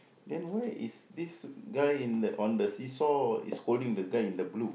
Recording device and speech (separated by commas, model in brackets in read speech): boundary microphone, conversation in the same room